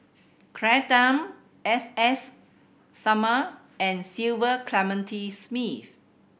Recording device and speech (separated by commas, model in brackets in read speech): boundary microphone (BM630), read sentence